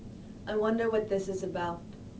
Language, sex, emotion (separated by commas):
English, female, neutral